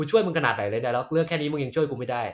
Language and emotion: Thai, frustrated